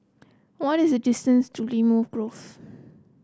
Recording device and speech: close-talking microphone (WH30), read sentence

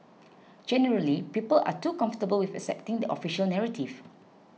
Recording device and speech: mobile phone (iPhone 6), read sentence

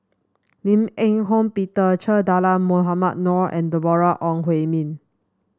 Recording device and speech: standing microphone (AKG C214), read sentence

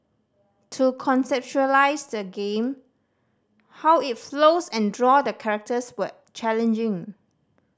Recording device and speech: standing microphone (AKG C214), read sentence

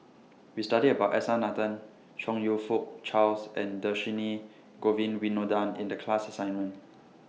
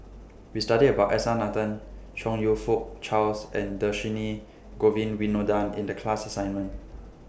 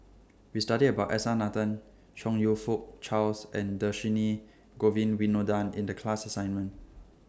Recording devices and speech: mobile phone (iPhone 6), boundary microphone (BM630), standing microphone (AKG C214), read sentence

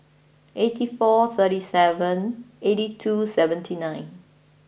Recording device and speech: boundary microphone (BM630), read sentence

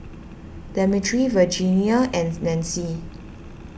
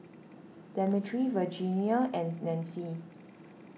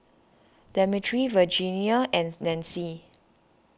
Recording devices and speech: boundary microphone (BM630), mobile phone (iPhone 6), standing microphone (AKG C214), read sentence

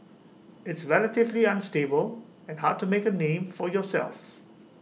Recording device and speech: mobile phone (iPhone 6), read sentence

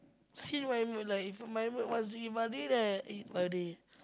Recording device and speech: close-talking microphone, conversation in the same room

